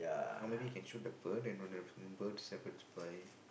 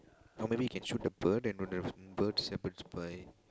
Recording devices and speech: boundary microphone, close-talking microphone, conversation in the same room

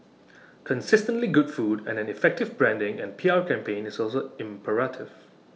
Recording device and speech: mobile phone (iPhone 6), read sentence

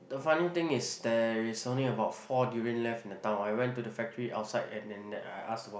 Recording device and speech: boundary microphone, conversation in the same room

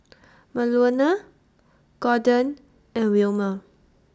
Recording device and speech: standing microphone (AKG C214), read sentence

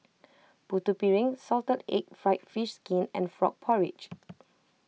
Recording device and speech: mobile phone (iPhone 6), read sentence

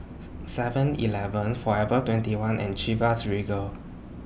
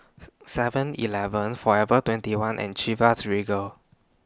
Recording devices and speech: boundary microphone (BM630), standing microphone (AKG C214), read sentence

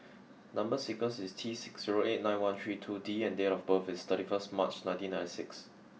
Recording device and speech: mobile phone (iPhone 6), read sentence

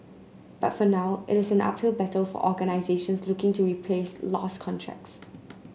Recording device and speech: mobile phone (Samsung C9), read sentence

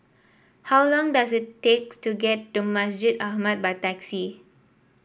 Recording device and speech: boundary microphone (BM630), read sentence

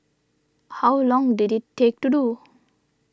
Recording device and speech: standing microphone (AKG C214), read sentence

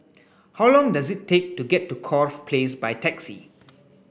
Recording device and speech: boundary microphone (BM630), read sentence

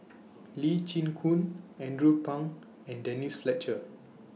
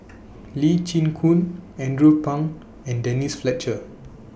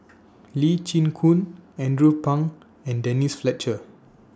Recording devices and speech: mobile phone (iPhone 6), boundary microphone (BM630), standing microphone (AKG C214), read sentence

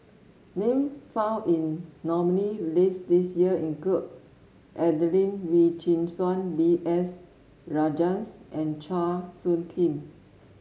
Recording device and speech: mobile phone (Samsung S8), read sentence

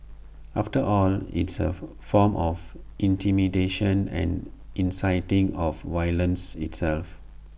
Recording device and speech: boundary microphone (BM630), read sentence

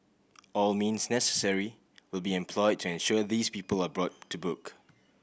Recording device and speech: boundary microphone (BM630), read sentence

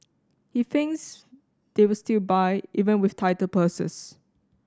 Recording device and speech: standing microphone (AKG C214), read sentence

